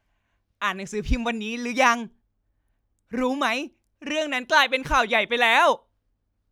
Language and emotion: Thai, happy